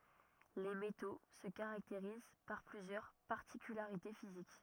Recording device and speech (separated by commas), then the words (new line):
rigid in-ear microphone, read sentence
Les métaux se caractérisent par plusieurs particularités physiques.